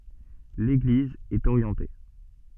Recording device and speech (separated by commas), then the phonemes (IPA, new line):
soft in-ear microphone, read sentence
leɡliz ɛt oʁjɑ̃te